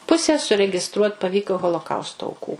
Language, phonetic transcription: Lithuanian, ˈpuse suregiˈstruot' paˈvyko holoˈkausto auˈkų

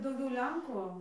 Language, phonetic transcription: Lithuanian, dauˈgiau ˈlenku

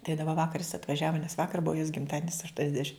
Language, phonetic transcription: Lithuanian, tai daˈba ˈvakar jis atvaˈžiava nes ˈvakar ˈbua jos gimˈtadienis aštuoniasˈdešim

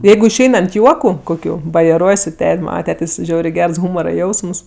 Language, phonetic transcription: Lithuanian, ˈjeigu išˈein ant ˈjuoku koˈkių bajeˈruoj su ˈtet' ˈmana ˈtetės' ˈžiaurė ˈgers ˈhūmora ˈjausms

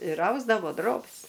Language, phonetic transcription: Lithuanian, ir ˈausdavo ˈdrobis

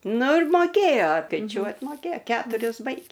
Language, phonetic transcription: Lithuanian, ˈnu ir ˈmokėjo skaiˈčiuot moˈkėj ˈketuris ˈbaigė

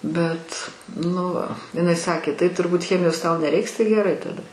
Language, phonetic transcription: Lithuanian, ˈbet ˈnu iˈnai ˈsakė tai turˈbūt ˈchemijos tau neˈreiks tai geˈrai taˈda

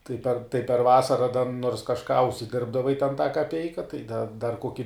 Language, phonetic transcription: Lithuanian, tai per tai per ˈvasara da nors kažˈką užsiˈdirbdavai ten tą kaˈpeika tai da dar ˈkoki

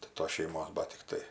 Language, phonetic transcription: Lithuanian, tai ˈtos šeiˈmos ˈbat tikˈtai

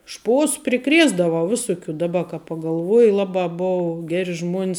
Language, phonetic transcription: Lithuanian, ˈšpos priˈkrėsdavau ˈvisuˌkių daˈba ka pagalˈvuoji ˈlabā ˈbuvu ˈgeri ˈžmuon's

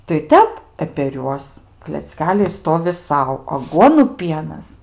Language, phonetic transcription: Lithuanian, tai ˈtep e per ˈjuos klecˈkeliai ˈstovi ˈsau aˈguonu ˈpienas

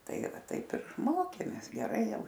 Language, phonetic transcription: Lithuanian, ˈtaigi ˈva ˈtaip ir ˈmokėmės geˈrai ˈjau

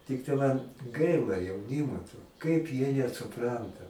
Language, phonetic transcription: Lithuanian, ˈtiktai man ˈgaila jauˈnimo to kaip jie nesuˈpranta

